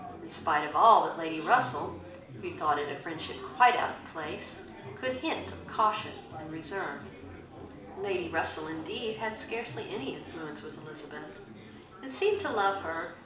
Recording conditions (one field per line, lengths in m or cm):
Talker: one person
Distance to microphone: 2.0 m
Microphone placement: close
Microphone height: 99 cm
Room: medium-sized (5.7 m by 4.0 m)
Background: babble